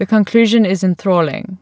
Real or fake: real